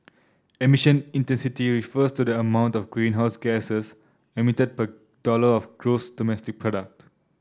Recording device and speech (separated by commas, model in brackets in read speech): standing microphone (AKG C214), read sentence